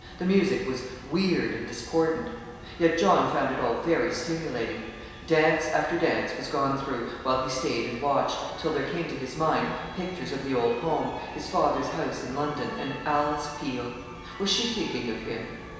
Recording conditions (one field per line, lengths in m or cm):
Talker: one person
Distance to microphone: 1.7 m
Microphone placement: close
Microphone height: 1.0 m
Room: very reverberant, large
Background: music